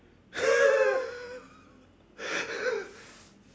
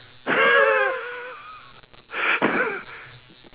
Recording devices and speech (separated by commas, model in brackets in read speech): standing microphone, telephone, conversation in separate rooms